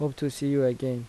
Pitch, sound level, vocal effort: 135 Hz, 83 dB SPL, soft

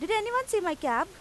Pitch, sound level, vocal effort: 380 Hz, 94 dB SPL, very loud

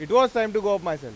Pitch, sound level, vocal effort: 205 Hz, 101 dB SPL, very loud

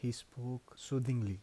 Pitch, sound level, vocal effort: 125 Hz, 78 dB SPL, soft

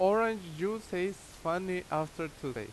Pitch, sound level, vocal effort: 180 Hz, 88 dB SPL, very loud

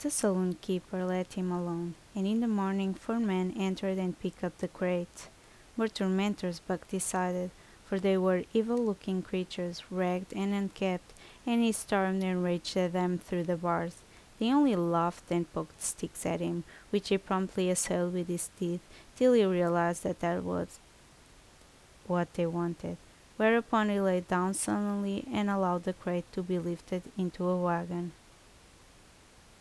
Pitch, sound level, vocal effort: 185 Hz, 77 dB SPL, normal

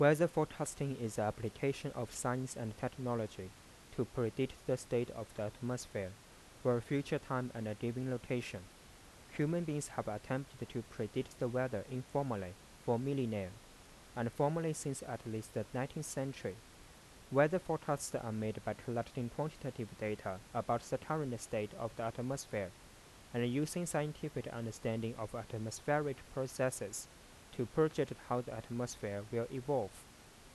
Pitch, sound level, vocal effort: 125 Hz, 84 dB SPL, soft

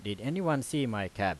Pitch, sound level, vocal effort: 115 Hz, 89 dB SPL, loud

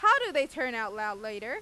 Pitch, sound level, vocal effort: 220 Hz, 99 dB SPL, loud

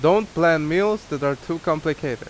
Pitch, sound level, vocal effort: 165 Hz, 89 dB SPL, very loud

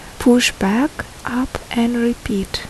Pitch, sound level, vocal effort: 240 Hz, 71 dB SPL, soft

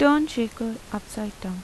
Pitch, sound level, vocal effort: 225 Hz, 83 dB SPL, soft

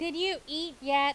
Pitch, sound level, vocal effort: 320 Hz, 93 dB SPL, very loud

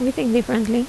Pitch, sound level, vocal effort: 240 Hz, 77 dB SPL, normal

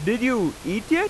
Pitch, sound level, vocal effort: 255 Hz, 93 dB SPL, very loud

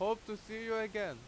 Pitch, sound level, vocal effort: 215 Hz, 91 dB SPL, very loud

